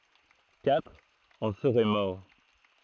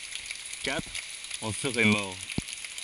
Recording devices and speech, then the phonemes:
throat microphone, forehead accelerometer, read sentence
katʁ ɑ̃ səʁɛ mɔʁ

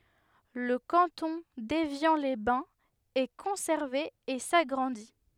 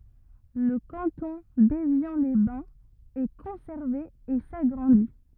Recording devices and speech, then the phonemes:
headset microphone, rigid in-ear microphone, read sentence
lə kɑ̃tɔ̃ devjɑ̃lɛzbɛ̃z ɛ kɔ̃sɛʁve e saɡʁɑ̃di

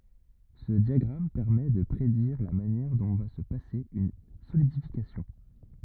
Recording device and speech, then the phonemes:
rigid in-ear microphone, read sentence
sə djaɡʁam pɛʁmɛ də pʁediʁ la manjɛʁ dɔ̃ va sə pase yn solidifikasjɔ̃

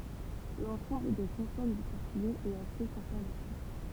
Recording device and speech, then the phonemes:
temple vibration pickup, read sentence
lɑ̃sɑ̃bl de kɔ̃sɔn dy pɔʁtyɡɛz ɛt ase kɔ̃sɛʁvatif

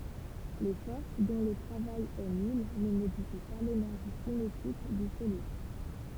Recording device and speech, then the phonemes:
temple vibration pickup, read sentence
le fɔʁs dɔ̃ lə tʁavaj ɛ nyl nə modifi pa lenɛʁʒi sinetik dy solid

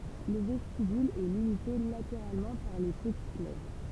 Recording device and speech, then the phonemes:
temple vibration pickup, read sentence
lə vɛstibyl ɛ limite lateʁalmɑ̃ paʁ le pətit lɛvʁ

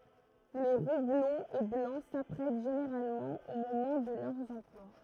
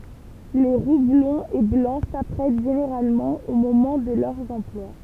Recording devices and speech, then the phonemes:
throat microphone, temple vibration pickup, read sentence
le ʁu blɔ̃z e blɑ̃ sapʁɛt ʒeneʁalmɑ̃ o momɑ̃ də lœʁz ɑ̃plwa

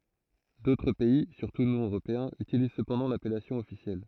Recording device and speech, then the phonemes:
throat microphone, read sentence
dotʁ pɛi syʁtu nɔ̃ øʁopeɛ̃z ytiliz səpɑ̃dɑ̃ lapɛlasjɔ̃ ɔfisjɛl

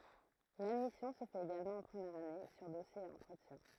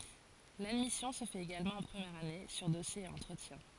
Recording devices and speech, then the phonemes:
throat microphone, forehead accelerometer, read sentence
ladmisjɔ̃ sə fɛt eɡalmɑ̃ ɑ̃ pʁəmjɛʁ ane syʁ dɔsje e ɑ̃tʁətjɛ̃

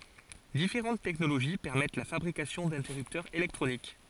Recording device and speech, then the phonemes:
forehead accelerometer, read sentence
difeʁɑ̃t tɛknoloʒi pɛʁmɛt la fabʁikasjɔ̃ dɛ̃tɛʁyptœʁz elɛktʁonik

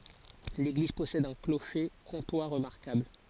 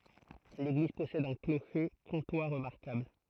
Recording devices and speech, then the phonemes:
forehead accelerometer, throat microphone, read sentence
leɡliz pɔsɛd œ̃ kloʃe kɔ̃twa ʁəmaʁkabl

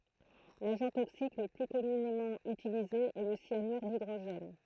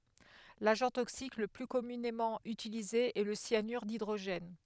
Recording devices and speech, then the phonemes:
throat microphone, headset microphone, read sentence
laʒɑ̃ toksik lə ply kɔmynemɑ̃ ytilize ɛ lə sjanyʁ didʁoʒɛn

